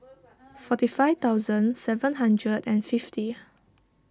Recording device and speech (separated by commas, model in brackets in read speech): standing microphone (AKG C214), read sentence